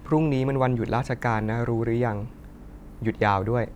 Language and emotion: Thai, neutral